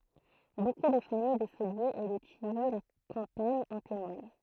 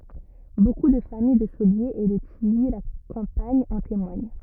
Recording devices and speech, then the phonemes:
throat microphone, rigid in-ear microphone, read sentence
boku də famij də soljez e də tiji la kɑ̃paɲ ɑ̃ temwaɲ

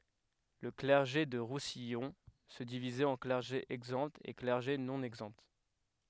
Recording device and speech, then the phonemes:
headset microphone, read sentence
lə klɛʁʒe dy ʁusijɔ̃ sə divizɛt ɑ̃ klɛʁʒe ɛɡzɑ̃ e klɛʁʒe nɔ̃ ɛɡzɑ̃

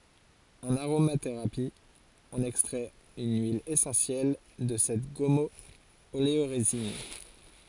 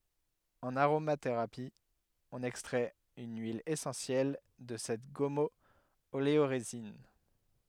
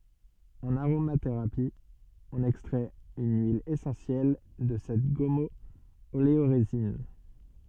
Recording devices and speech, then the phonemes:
forehead accelerometer, headset microphone, soft in-ear microphone, read sentence
ɑ̃n aʁomateʁapi ɔ̃n ɛkstʁɛt yn yil esɑ̃sjɛl də sɛt ɡɔmɔoleoʁezin

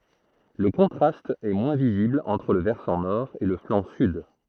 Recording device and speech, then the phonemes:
throat microphone, read sentence
lə kɔ̃tʁast ɛ mwɛ̃ vizibl ɑ̃tʁ lə vɛʁsɑ̃ nɔʁ e lə flɑ̃ syd

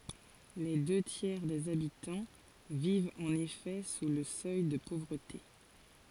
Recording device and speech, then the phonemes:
forehead accelerometer, read sentence
le dø tjɛʁ dez abitɑ̃ vivt ɑ̃n efɛ su lə sœj də povʁəte

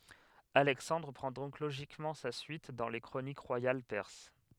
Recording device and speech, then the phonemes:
headset microphone, read sentence
alɛksɑ̃dʁ pʁɑ̃ dɔ̃k loʒikmɑ̃ sa syit dɑ̃ le kʁonik ʁwajal pɛʁs

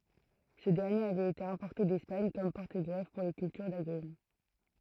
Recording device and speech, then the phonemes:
throat microphone, read sentence
sə dɛʁnjeʁ avɛt ete ɛ̃pɔʁte dɛspaɲ kɔm pɔʁtəɡʁɛf puʁ le kyltyʁ daɡʁym

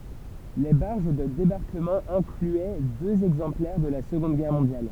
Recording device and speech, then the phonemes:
temple vibration pickup, read sentence
le baʁʒ də debaʁkəmɑ̃ ɛ̃klyɛ døz ɛɡzɑ̃plɛʁ də la səɡɔ̃d ɡɛʁ mɔ̃djal

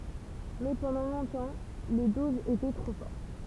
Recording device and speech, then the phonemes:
temple vibration pickup, read sentence
mɛ pɑ̃dɑ̃ lɔ̃tɑ̃ le dozz etɛ tʁo fɔʁt

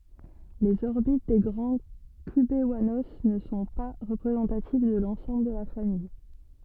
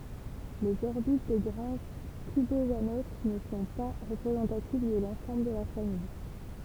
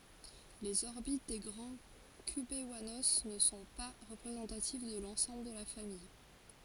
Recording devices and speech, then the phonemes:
soft in-ear microphone, temple vibration pickup, forehead accelerometer, read sentence
lez ɔʁbit de ɡʁɑ̃ kybwano nə sɔ̃ pa ʁəpʁezɑ̃tativ də lɑ̃sɑ̃bl də la famij

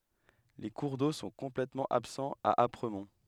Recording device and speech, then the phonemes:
headset microphone, read sentence
le kuʁ do sɔ̃ kɔ̃plɛtmɑ̃ absɑ̃z a apʁəmɔ̃

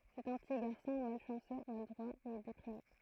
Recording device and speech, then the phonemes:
throat microphone, read sentence
sɛt œ̃ pəti ɡaʁsɔ̃ malʃɑ̃sø maladʁwa e depʁime

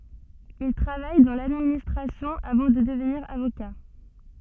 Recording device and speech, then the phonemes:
soft in-ear microphone, read sentence
il tʁavaj dɑ̃ ladministʁasjɔ̃ avɑ̃ də dəvniʁ avoka

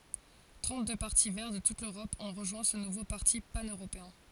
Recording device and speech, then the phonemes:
forehead accelerometer, read sentence
tʁɑ̃tdø paʁti vɛʁ də tut løʁɔp ɔ̃ ʁəʒwɛ̃ sə nuvo paʁti panøʁopeɛ̃

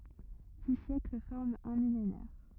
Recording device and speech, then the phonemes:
rigid in-ear microphone, read sentence
di sjɛkl fɔʁmt œ̃ milenɛʁ

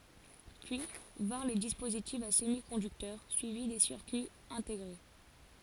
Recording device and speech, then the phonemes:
forehead accelerometer, read sentence
pyi vɛ̃ʁ le dispozitifz a səmikɔ̃dyktœʁ syivi de siʁkyiz ɛ̃teɡʁe

